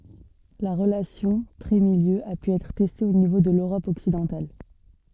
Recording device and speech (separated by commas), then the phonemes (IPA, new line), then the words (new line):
soft in-ear microphone, read sentence
la ʁəlasjɔ̃ tʁɛtmiljø a py ɛtʁ tɛste o nivo də løʁɔp ɔksidɑ̃tal
La relation trait-milieu a pu être testée au niveau de l'Europe occidentale.